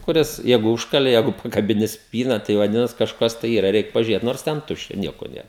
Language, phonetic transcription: Lithuanian, kuˈris ˈjeigu ˈužkalė ˈjeigu pakabiˈni ˈspyna tai vaˈdinas kažˈkas tai ˈyra ˈreik pažiuˈrėt nors ˈten ˈtuščia ˈnieko ˈnėr

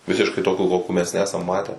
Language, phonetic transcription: Lithuanian, ˈvisiškai ˈtokių ˈkokių mes ˈnesam ˈmatę

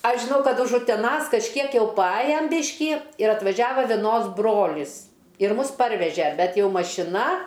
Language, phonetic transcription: Lithuanian, ˈaš žiˈnau ˈkad už uteˈnas kažˈkiek jau paˈajam ˈbišky ir atvaˈžiava veˈnos ˈbrolis ir ˈmus ˈparveže ˈbet ˈjau mašiˈna

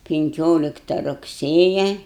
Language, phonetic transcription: Lithuanian, pinˈkiolikta rugˈsėja

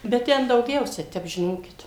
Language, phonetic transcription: Lithuanian, bet ˈten dauˈgiausia ˈtep žiˈnokit

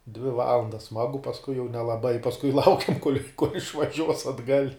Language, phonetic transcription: Lithuanian, dvi ˈvalandas ˈsmagu pasˈkui jau nelaˈbai pasˈkui ˈlaukiam kol' išvaˈžiuos atˈgal'

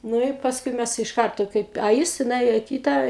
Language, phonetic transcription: Lithuanian, ˈnu i pasˈkui ˈmæs iš ˈkarto ˈkaip a ˈjis ti nuˈėjo i ˈkyta

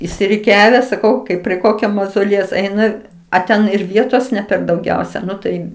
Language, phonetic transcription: Lithuanian, išsiriˈkiave saˈkau ˈkaip prie ˈkokio mazoˈliejaus ˈeina a ˈten ir ˈvietos ne per dauˈgiausia ˈnu tai

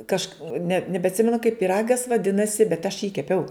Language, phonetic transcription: Lithuanian, ˈkažk ne nebeatˈsimenu kaip pyˈragas vaˈdinasi bet aš jį keˈpiau

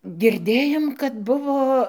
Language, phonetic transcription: Lithuanian, girˈdėjom kad ˈbuvo

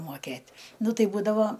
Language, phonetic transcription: Lithuanian, moˈkėt' ˈnu ˈtai ˈbūdavo

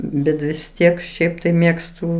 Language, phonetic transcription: Lithuanian, ˈbet vis ˈtiek ˈšiaip tai ˈmėgstu

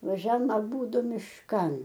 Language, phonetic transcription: Lithuanian, vaˈžiam aˈbūdu mišˈkan

